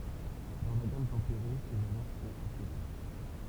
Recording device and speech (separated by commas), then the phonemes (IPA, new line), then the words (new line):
temple vibration pickup, read sentence
dɑ̃ la ɡam tɑ̃peʁe se valœʁ sɔ̃t alteʁe
Dans la gamme tempérée, ces valeurs sont altérées.